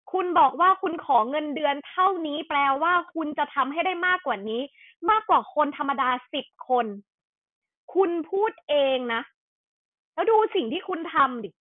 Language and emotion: Thai, angry